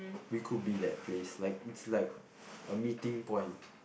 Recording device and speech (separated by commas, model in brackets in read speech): boundary microphone, conversation in the same room